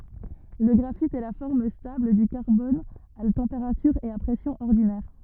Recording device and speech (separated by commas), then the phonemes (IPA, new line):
rigid in-ear microphone, read sentence
lə ɡʁafit ɛ la fɔʁm stabl dy kaʁbɔn a tɑ̃peʁatyʁ e a pʁɛsjɔ̃z ɔʁdinɛʁ